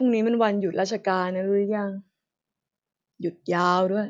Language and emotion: Thai, frustrated